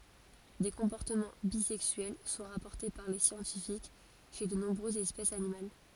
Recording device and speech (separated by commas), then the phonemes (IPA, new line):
forehead accelerometer, read sentence
de kɔ̃pɔʁtəmɑ̃ bizɛksyɛl sɔ̃ ʁapɔʁte paʁ le sjɑ̃tifik ʃe də nɔ̃bʁøzz ɛspɛsz animal